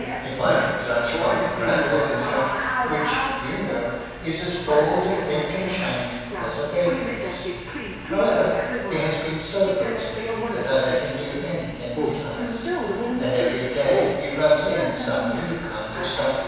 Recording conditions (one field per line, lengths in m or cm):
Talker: one person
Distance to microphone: 7.1 m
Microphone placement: far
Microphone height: 1.7 m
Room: very reverberant, large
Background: television